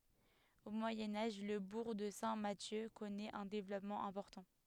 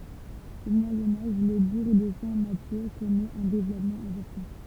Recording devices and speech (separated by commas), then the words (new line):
headset microphone, temple vibration pickup, read sentence
Au Moyen Âge, le bourg de Saint-Mathieu connaît un développement important.